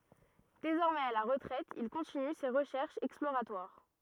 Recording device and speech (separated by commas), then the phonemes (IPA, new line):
rigid in-ear microphone, read sentence
dezɔʁmɛz a la ʁətʁɛt il kɔ̃tiny se ʁəʃɛʁʃz ɛksploʁatwaʁ